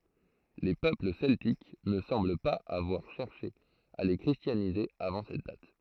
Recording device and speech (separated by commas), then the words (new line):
throat microphone, read sentence
Les peuples celtiques ne semblent pas avoir cherché à les christianiser avant cette date.